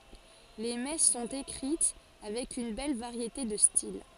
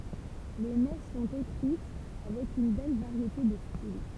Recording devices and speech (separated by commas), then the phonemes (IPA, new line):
forehead accelerometer, temple vibration pickup, read sentence
le mɛs sɔ̃t ekʁit avɛk yn bɛl vaʁjete də stil